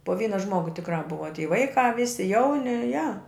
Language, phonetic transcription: Lithuanian, po ˈvyna ˈžmogu tikˈrā ˈbuva ty ˈvaikā ˈvisi ˈjauni ja

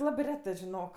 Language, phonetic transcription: Lithuanian, ˈlabɜ ˈretɜ žiˈnok

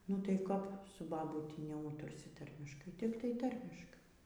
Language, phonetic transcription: Lithuanian, nu tai ˈkap su baˈbūti neˈūtursi ˈtarmiškai ˈtiktai ˈtarmiškai

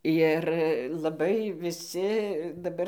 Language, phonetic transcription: Lithuanian, ˈjir laˈbai viˈsi daˈbar

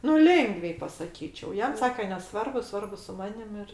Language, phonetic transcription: Lithuanian, nu ˈlėngviai pasaˈkyčiau ˈjam ˈsake neˈsvarbu ˈsvarbu su ˈmanim ir

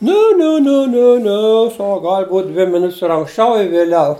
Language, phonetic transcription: Lithuanian, ˈne ˈne ˈne ˈne ˈne ˈsak ˈgal' būt' ˈdvi miˈnut's' ir anksˈčiau i vėˈliau

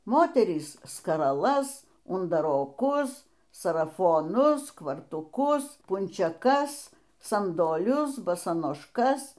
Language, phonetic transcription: Lithuanian, ˈmoterys skaraˈlas undaroˈkus sarafoˈnus kvartūˈkus punčeˈkas sandoˈlius basanošˈkas

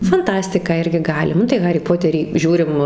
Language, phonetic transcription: Lithuanian, fanˈtastiką ˈirgi ˈgali ˈnu tai ˈharį ˈpoterį ˈžiūrim

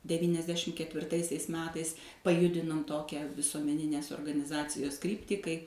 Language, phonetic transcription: Lithuanian, devyniasˈdešim ketvirˈtaisiais ˈmetais paˈjudinom ˈtokią visuomeˈninės organiˈzacijos ˈkryptį kai

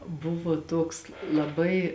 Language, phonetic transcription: Lithuanian, ˈbuvo tuoks laˈbai

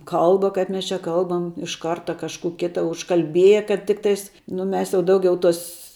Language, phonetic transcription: Lithuanian, ˈkalba kaip ˈmes čia ˈkalbam iš ˈkarta kažˈkų ˈkita užkalˈbieje kad ˈtiktais nu ˈmes jau ˈdaugiau ˈtos

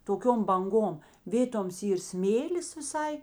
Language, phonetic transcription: Lithuanian, toˈkiom banˈgom ˈvėtoms ˈyr ˈsmėlis viˈsai

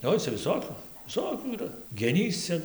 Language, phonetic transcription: Lithuanian, ˈoi cia viˈsokiu viˈsokių yˈra geˈnys ˈcia

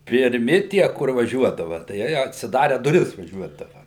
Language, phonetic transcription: Lithuanian, pirˈmi tie kur vaˈžiuodava tai ˈjeij atsiˈdare duˈris vaˈžiuodava

